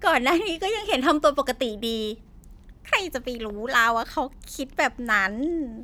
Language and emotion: Thai, happy